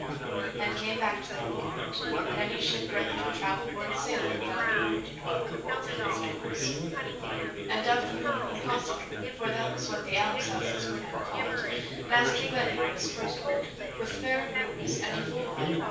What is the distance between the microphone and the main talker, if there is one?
9.8 m.